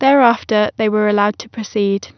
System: none